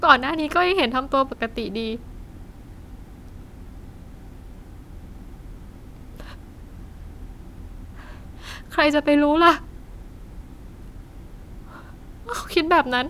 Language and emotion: Thai, sad